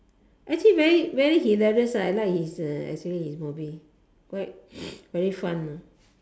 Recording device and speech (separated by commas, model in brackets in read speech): standing microphone, conversation in separate rooms